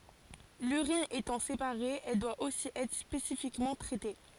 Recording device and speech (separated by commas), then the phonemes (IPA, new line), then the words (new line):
forehead accelerometer, read sentence
lyʁin etɑ̃ sepaʁe ɛl dwa osi ɛtʁ spesifikmɑ̃ tʁɛte
L'urine étant séparée, elle doit aussi être spécifiquement traitée.